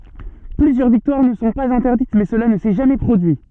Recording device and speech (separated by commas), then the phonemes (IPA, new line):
soft in-ear microphone, read sentence
plyzjœʁ viktwaʁ nə sɔ̃ paz ɛ̃tɛʁdit mɛ səla nə sɛ ʒamɛ pʁodyi